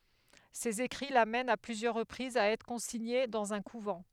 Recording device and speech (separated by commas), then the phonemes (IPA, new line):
headset microphone, read sentence
sez ekʁi lamɛnt a plyzjœʁ ʁəpʁizz a ɛtʁ kɔ̃siɲe dɑ̃z œ̃ kuvɑ̃